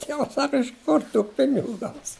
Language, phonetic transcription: Lithuanian, ˈtievas ˈsaka iš ˈkur tų ˈpinigu ˈgaus

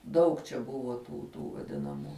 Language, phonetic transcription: Lithuanian, ˈdaug čia ˈbuvo tų ˈtų vaˈdinamų

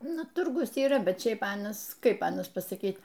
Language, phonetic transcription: Lithuanian, ˈnu ˈturgus yˈra ˈbet ˈšiaip ˈanas ˈkaip ˈanas pasaˈkyt

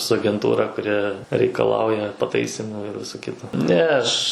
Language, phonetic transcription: Lithuanian, su agenˈtūra kuˈri reikaˈlauja paˈtaisymų ir ˈviso ˈkito ne ˈaš

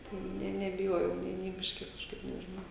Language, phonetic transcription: Lithuanian, tai ˈne nebiˈjojau nė nė ˈbiški kažˈkaip nežiˈnau

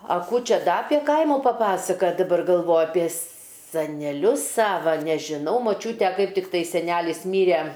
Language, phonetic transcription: Lithuanian, a ˈkų ˈčia ˈda apė ˈkaimu paˈpasakat' daˈbar galˈvoju apie saneˈlius ˈsava nežiˈnau moˈčiūte ˈkaip tikˈtai seˈnelis ˈmyre

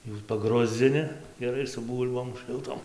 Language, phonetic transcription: Lithuanian, jų paˈgruzdzini geˈrai su ˈbūl'bom šɨlˈtom

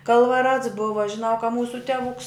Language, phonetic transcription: Lithuanian, kalvaˈrats ˈbuva žiˈnau ka ˈmūsu teˈvuks

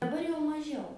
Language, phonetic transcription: Lithuanian, daˈbar jau maˈžiau

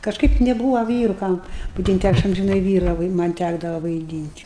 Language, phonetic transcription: Lithuanian, kažˈkaip neˈbūva ˈvyru ˈkam vaidynt' ˈaš amžiˈnai ˈvyra vai ˈman' ˈtækdava vaiˈdynt'

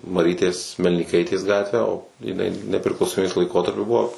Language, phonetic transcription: Lithuanian, maˈrytės melnyˈkaitės ˈgatvę o jiˈnai nepriklausoˈmybės laiˈkotarpiu ˈbuvo

